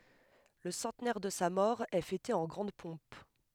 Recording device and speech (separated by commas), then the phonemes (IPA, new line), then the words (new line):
headset microphone, read sentence
lə sɑ̃tnɛʁ də sa mɔʁ ɛ fɛte ɑ̃ ɡʁɑ̃d pɔ̃p
Le centenaire de sa mort est fêté en grande pompe.